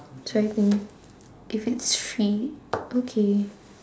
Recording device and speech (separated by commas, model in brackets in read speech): standing microphone, conversation in separate rooms